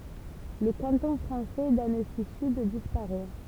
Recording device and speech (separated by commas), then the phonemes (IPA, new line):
temple vibration pickup, read sentence
lə kɑ̃tɔ̃ fʁɑ̃sɛ dansizyd dispaʁɛ